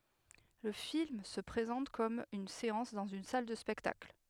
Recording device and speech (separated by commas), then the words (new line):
headset microphone, read sentence
Le film se présente comme une séance dans une salle de spectacle.